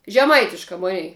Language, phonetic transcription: Lithuanian, žeˈmaitiška ˈmunei

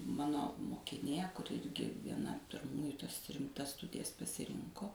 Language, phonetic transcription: Lithuanian, ˈmano mokiˈnė kuˈri ˈirgi vieˈna pirˈmųju tas rimˈtas ˈstudijas pasiˈrinko

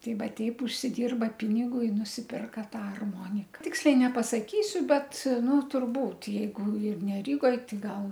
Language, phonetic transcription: Lithuanian, ˈtei ˈva ˈteip užsiˈdirba ˈpinigu i nusipirka ˈtą arˈmonika ˈtiksliai nepasaˈkysiu ˈbet ˈnu turˈbūt' jeiˈgu ir ne ˈrygoj ˈtai ˈgal

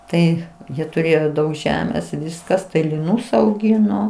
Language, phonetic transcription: Lithuanian, ˈtai ˈjie tuˈrėjo ˈdaug ˈžemės ˈviskas tai liˈnūs auˈgino

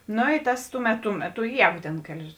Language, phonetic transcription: Lithuanian, ˈno i ˈtas ˈtuˌmet tu ˈmeˌtu ˈjēgu tėn ˈkelis

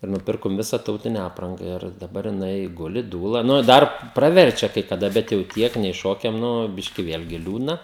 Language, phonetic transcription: Lithuanian, i nuˈpirkom ˈvisa ˈtautine ˈapranga ir daˈbar jiˈnai ˈguli ˈdūla nu i ˈdar praˈverčia kai kaˈda bet jau ˈtiek nei ˈšokiam ˈnu ˈbiški ˈvėlgi ˈliūdna

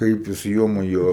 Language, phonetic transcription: Lithuanian, ˈkaip jis ˈjo maˈjo

